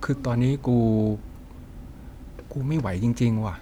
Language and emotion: Thai, frustrated